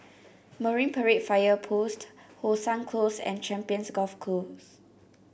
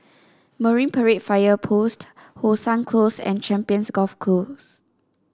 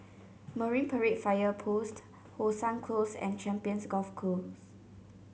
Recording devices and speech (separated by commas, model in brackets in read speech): boundary microphone (BM630), standing microphone (AKG C214), mobile phone (Samsung C7), read sentence